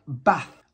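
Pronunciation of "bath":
'bath' has a northern English pronunciation here, without the long A vowel of the RP pronunciation.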